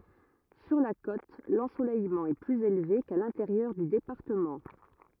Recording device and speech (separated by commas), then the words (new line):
rigid in-ear microphone, read sentence
Sur la côte, l'ensoleillement est plus élevé qu'à l'intérieur du département.